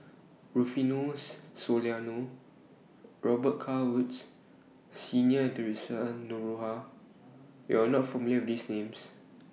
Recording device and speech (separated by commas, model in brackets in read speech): mobile phone (iPhone 6), read sentence